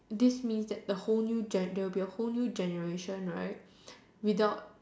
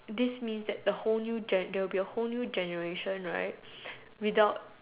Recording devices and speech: standing microphone, telephone, conversation in separate rooms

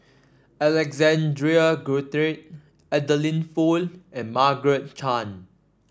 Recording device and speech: standing microphone (AKG C214), read sentence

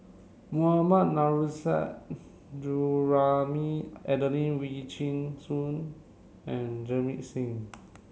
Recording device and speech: mobile phone (Samsung C7), read sentence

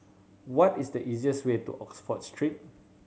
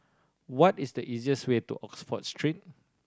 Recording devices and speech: mobile phone (Samsung C7100), standing microphone (AKG C214), read sentence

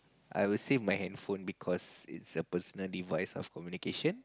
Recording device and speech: close-talking microphone, conversation in the same room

